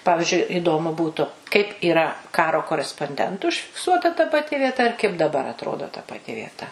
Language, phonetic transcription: Lithuanian, ˈpavižiui iˈdomu ˈbūtu kaip yˈra ˈkaro koresponˈdentu užfikˈsuota ta paˈti vieˈta ir kaip daˈbar atˈrodo ta paˈti vieˈta

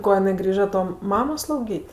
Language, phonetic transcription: Lithuanian, ˈko jiˈnai ˈgrįža ˈto ˈmamo slauˈgyt'

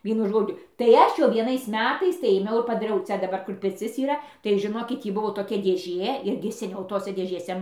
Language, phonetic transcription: Lithuanian, ˈvienu ˈžodžiu tai ˈaš jau vieˈnais ˈmetais tai ėˈmiau ir padaˈriau ˈcia daˈbar ˈkur pirˈcis yˈra tai žiˈnokit ˈtį ˈbuvo toˈkia dėˈžė ˈirgi seˈniau ˈtose dėžėˈse

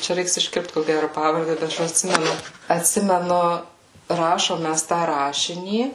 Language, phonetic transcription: Lithuanian, ˈčia ˈreiks išˈkirpt ko ˈgæru ˈpavarde bet ˈaš atˈsimenu atˈsimenu ˈrašom ˈmæs tą ˈrašinį

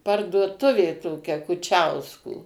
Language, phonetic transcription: Lithuanian, parduoˈtuvė toˈkia kuˈčiausko

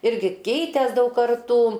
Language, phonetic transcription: Lithuanian, ˈirgi ˈkeitės ˈdaug karˈtų

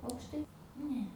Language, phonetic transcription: Lithuanian, aukšˈtai ˈne

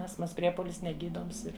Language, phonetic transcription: Lithuanian, ˈastmas ˈpriepolis neˈgydoms ˈir

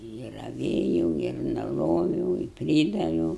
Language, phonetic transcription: Lithuanian, i raˈvėjau ir nuˈroviau i ˈprydaviau

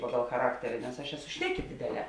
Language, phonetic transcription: Lithuanian, ˈpagal chaˈrakteri nes aš ˈeˌsu ˈšneˌki ˈdėdėˌlē

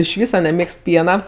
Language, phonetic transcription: Lithuanian, iš ˈvysa neˈmėgst ˈpiena

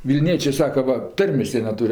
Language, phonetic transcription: Lithuanian, vilˈniečė ˈsaka ˈva ˈtarmės ˈjie neˈtūr'

